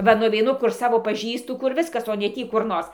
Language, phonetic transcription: Lithuanian, ˈva nuveiˈnu kur ˈsavo paˈžįstu kur ˈviskas o ne ˈtį kur ˈnors

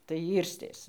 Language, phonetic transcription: Lithuanian, tai ˈyrstės

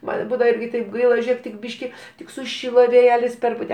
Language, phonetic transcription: Lithuanian, ˈman ˈbūdava ˈirgi taip ˈgaila ˈžėk tik ˈbyški ˈtik suˈšilo vėˈjelis ˈperpute

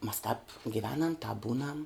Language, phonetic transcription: Lithuanian, mas tāp giˈvenam tāp ˈbūnam

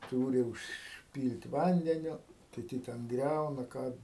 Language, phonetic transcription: Lithuanian, ˈtūri užˈpyl't' ˈvandeniu kiˈti ten ˈgriauna ˈką

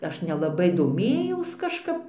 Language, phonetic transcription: Lithuanian, ˈaš nelaˈbai doˈmėjaus kažˈkap

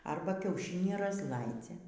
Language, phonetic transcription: Lithuanian, ˈarba kiauˈšinį razˈlaidzia

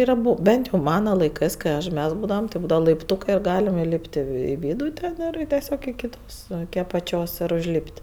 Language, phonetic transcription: Lithuanian, ir aˈbu ˈbent jau ˈmana laiˈkɜs kai ˈaš ˈmes ˈbūdavam ti ˈbūdava laipˈtūkɜ ir ˈgalem iˈlyp't' i vi ˈvydu ˈten ir teˈsiog iki ˈtos iki apaˈčios ir užˈlyp't'

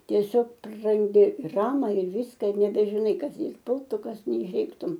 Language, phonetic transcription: Lithuanian, tieˈsiog praranˈdi ir ˈama ir ˈvyska ir nebežiˈnai ˈkas ˈjei ˈpultu ˈkas neišˈėgtum

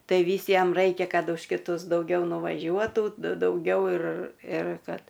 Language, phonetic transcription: Lithuanian, ˈtai ˈvys ˈjam ˈraikia ˈkad už kiˈtus dauˈgiau nuvaˈžiuotų dauˈgiau ir ir ˈkad

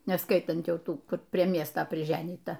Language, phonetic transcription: Lithuanian, neˈskaitant ˈjau ˈtų ˈkur ˈprie ˈmiesta priˈženyta

